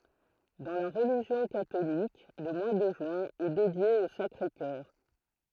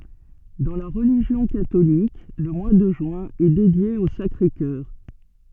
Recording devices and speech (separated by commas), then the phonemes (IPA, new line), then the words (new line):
throat microphone, soft in-ear microphone, read sentence
dɑ̃ la ʁəliʒjɔ̃ katolik lə mwa də ʒyɛ̃ ɛ dedje o sakʁe kœʁ
Dans la religion catholique, le mois de juin est dédié au Sacré-Cœur.